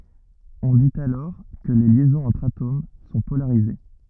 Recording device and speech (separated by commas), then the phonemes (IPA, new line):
rigid in-ear microphone, read sentence
ɔ̃ dit alɔʁ kə le ljɛzɔ̃z ɑ̃tʁ atom sɔ̃ polaʁize